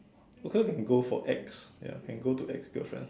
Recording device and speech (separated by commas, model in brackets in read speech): standing microphone, conversation in separate rooms